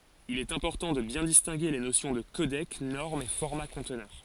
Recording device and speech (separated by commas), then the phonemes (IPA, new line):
forehead accelerometer, read sentence
il ɛt ɛ̃pɔʁtɑ̃ də bjɛ̃ distɛ̃ɡe le nosjɔ̃ də kodɛk nɔʁm e fɔʁma kɔ̃tnœʁ